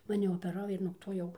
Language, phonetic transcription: Lithuanian, maˈni opeˈrau ir nuog ˈto ˈjau

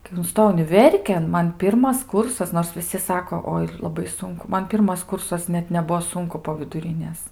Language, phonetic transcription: Lithuanian, kai unˈstojau uniˈverkėn ˈman ˈpirmas ˈkursas nors viˈsi ˈsako ˈoi laˈbai ˈsunku ˈman ˈpirmas ˈkursas ˈnet neˈbuvo ˈsunku po viduˈrinės

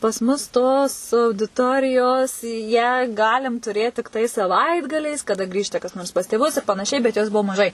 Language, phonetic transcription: Lithuanian, pas ˈmus tos audiˈtorijos ją ˈgalim tuˈrėt tikˈtai saˈvaitgaliais kaˈda ˈgrįžta kas ˈnors pas tėˈvus ir panaˈšiai bet jˈos ˈbuo maˈžai

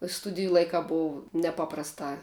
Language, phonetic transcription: Lithuanian, ˈstudiju ˈlaikā ˈbov neˈpaprastā

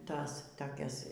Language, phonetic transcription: Lithuanian, ˈtas toˈkias

